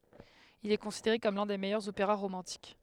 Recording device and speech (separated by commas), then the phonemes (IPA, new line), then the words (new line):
headset microphone, read sentence
il ɛ kɔ̃sideʁe kɔm lœ̃ de mɛjœʁz opeʁa ʁomɑ̃tik
Il est considéré comme l'un des meilleurs opéras romantiques.